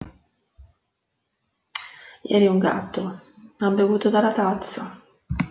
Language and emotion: Italian, sad